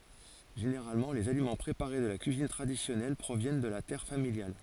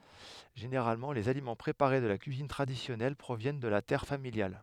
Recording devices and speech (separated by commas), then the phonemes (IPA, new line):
forehead accelerometer, headset microphone, read sentence
ʒeneʁalmɑ̃ lez alimɑ̃ pʁepaʁe də la kyizin tʁadisjɔnɛl pʁovjɛn də la tɛʁ familjal